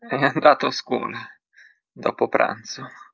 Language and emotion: Italian, fearful